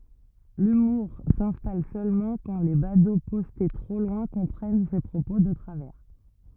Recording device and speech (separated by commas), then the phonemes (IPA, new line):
rigid in-ear microphone, read sentence
lymuʁ sɛ̃stal sølmɑ̃ kɑ̃ le bado pɔste tʁo lwɛ̃ kɔ̃pʁɛn se pʁopo də tʁavɛʁ